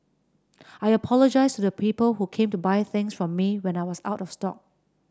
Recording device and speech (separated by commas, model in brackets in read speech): standing microphone (AKG C214), read sentence